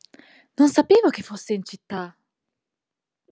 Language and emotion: Italian, surprised